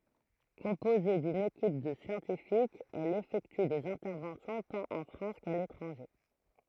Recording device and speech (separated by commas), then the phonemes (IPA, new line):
throat microphone, read sentence
kɔ̃poze dyn ekip də sjɑ̃tifikz ɛl efɛkty dez ɛ̃tɛʁvɑ̃sjɔ̃ tɑ̃t ɑ̃ fʁɑ̃s ka letʁɑ̃ʒe